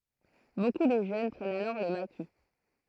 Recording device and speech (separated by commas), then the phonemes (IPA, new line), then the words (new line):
throat microphone, read sentence
boku də ʒøn pʁɛnt alɔʁ lə maki
Beaucoup de jeunes prennent alors le maquis.